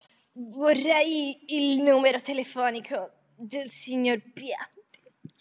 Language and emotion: Italian, disgusted